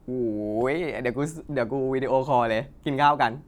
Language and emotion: Thai, happy